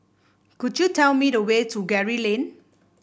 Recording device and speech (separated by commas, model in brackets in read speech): boundary microphone (BM630), read sentence